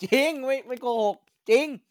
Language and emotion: Thai, happy